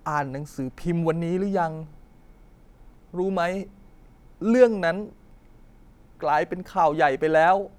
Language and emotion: Thai, sad